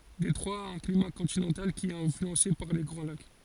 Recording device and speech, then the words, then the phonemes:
forehead accelerometer, read sentence
Détroit a un climat continental, qui est influencé par les Grands Lacs.
detʁwa a œ̃ klima kɔ̃tinɑ̃tal ki ɛt ɛ̃flyɑ̃se paʁ le ɡʁɑ̃ lak

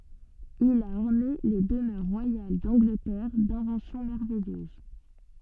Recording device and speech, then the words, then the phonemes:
soft in-ear microphone, read sentence
Il a orné les demeures royales d’Angleterre d’inventions merveilleuses.
il a ɔʁne le dəmœʁ ʁwajal dɑ̃ɡlətɛʁ dɛ̃vɑ̃sjɔ̃ mɛʁvɛjøz

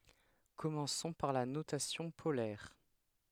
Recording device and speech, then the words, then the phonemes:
headset microphone, read sentence
Commençons par la notation polaire.
kɔmɑ̃sɔ̃ paʁ la notasjɔ̃ polɛʁ

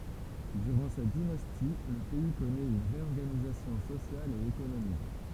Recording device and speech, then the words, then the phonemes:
temple vibration pickup, read sentence
Durant cette dynastie, le pays connaît une réorganisation sociale et économique.
dyʁɑ̃ sɛt dinasti lə pɛi kɔnɛt yn ʁeɔʁɡanizasjɔ̃ sosjal e ekonomik

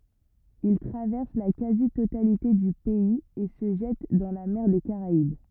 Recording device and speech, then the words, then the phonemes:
rigid in-ear microphone, read sentence
Il traverse la quasi-totalité du pays et se jette dans la mer des Caraïbes.
il tʁavɛʁs la kazi totalite dy pɛiz e sə ʒɛt dɑ̃ la mɛʁ de kaʁaib

